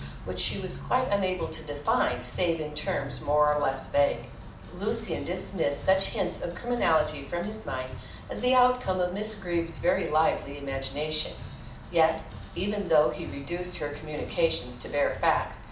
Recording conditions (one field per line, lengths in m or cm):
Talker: one person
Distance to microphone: 2.0 m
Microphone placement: close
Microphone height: 99 cm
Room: medium-sized (5.7 m by 4.0 m)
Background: music